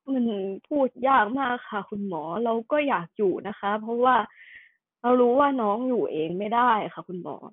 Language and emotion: Thai, sad